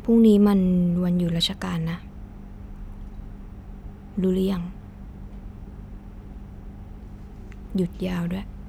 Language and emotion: Thai, sad